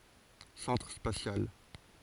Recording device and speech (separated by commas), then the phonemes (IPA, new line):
forehead accelerometer, read sentence
sɑ̃tʁ spasjal